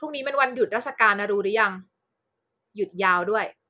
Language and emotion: Thai, neutral